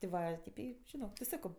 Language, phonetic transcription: Lithuanian, ti ˈva ˈtip ˈį žiˈnok ti ˈsako

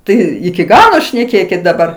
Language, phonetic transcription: Lithuanian, ˈtai iki ˈgalo šneˈkėkit daˈbar

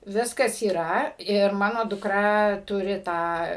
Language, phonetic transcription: Lithuanian, ˈviskas yˈra ir ˈmano duˈkra ˈturi ˈtą

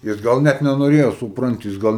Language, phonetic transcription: Lithuanian, jis ˈgal ˈnet nenoˈrėjo supˈranti jis ˈgal

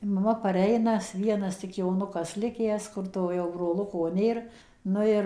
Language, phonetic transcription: Lithuanian, maˈma paˈreina ˈvienas tik joˈnukas ˈlikęs ˈkur to jau broˈluko ˈnėr ˈnu ir

